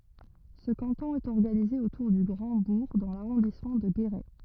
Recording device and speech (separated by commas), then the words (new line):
rigid in-ear microphone, read sentence
Ce canton est organisé autour du Grand-Bourg dans l'arrondissement de Guéret.